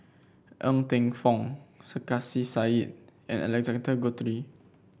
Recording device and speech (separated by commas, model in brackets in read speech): boundary microphone (BM630), read sentence